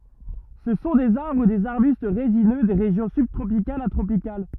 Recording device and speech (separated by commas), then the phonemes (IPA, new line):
rigid in-ear microphone, read sentence
sə sɔ̃ dez aʁbʁ u dez aʁbyst ʁezinø de ʁeʒjɔ̃ sybtʁopikalz a tʁopikal